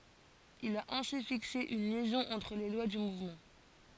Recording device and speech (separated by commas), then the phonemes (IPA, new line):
forehead accelerometer, read sentence
il a ɛ̃si fikse yn ljɛzɔ̃ ɑ̃tʁ le lwa dy muvmɑ̃